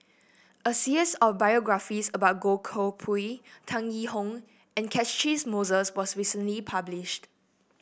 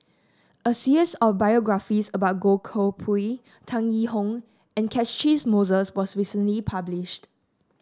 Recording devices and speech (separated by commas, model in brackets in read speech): boundary microphone (BM630), standing microphone (AKG C214), read sentence